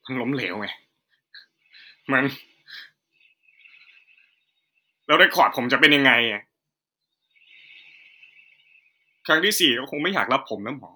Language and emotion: Thai, sad